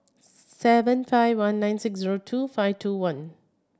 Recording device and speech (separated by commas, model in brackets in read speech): standing microphone (AKG C214), read sentence